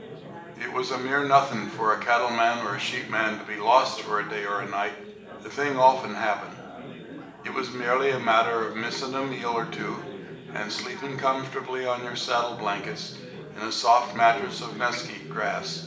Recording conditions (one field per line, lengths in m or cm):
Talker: one person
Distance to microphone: 1.8 m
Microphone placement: close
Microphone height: 1.0 m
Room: large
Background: babble